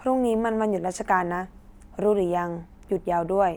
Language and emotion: Thai, neutral